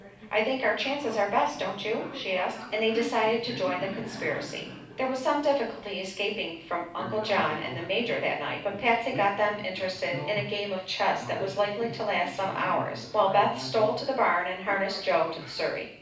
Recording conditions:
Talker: one person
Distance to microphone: 5.8 m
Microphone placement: far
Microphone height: 1.8 m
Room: medium-sized (5.7 m by 4.0 m)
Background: television

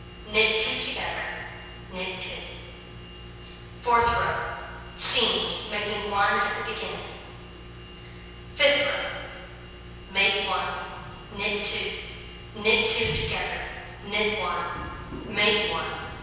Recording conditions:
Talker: one person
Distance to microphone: 7.1 m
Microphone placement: far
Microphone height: 1.7 m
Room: very reverberant, large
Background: none

